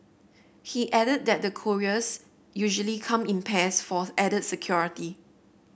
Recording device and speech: boundary microphone (BM630), read sentence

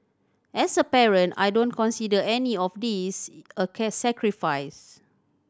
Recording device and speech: standing microphone (AKG C214), read sentence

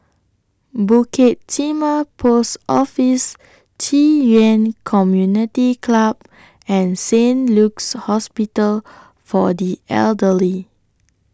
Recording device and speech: standing microphone (AKG C214), read sentence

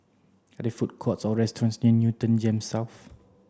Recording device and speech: standing microphone (AKG C214), read sentence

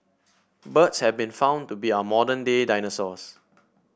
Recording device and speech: boundary microphone (BM630), read sentence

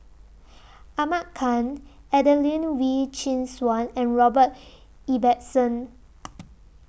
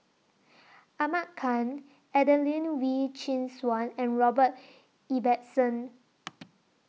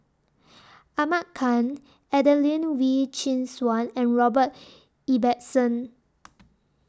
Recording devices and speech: boundary microphone (BM630), mobile phone (iPhone 6), standing microphone (AKG C214), read sentence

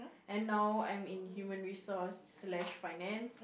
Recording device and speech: boundary microphone, conversation in the same room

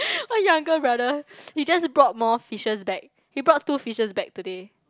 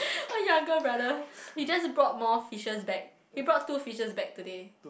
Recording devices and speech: close-talking microphone, boundary microphone, conversation in the same room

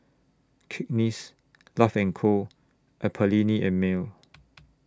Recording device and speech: standing microphone (AKG C214), read sentence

